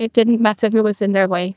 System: TTS, neural waveform model